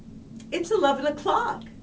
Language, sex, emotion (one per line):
English
female
happy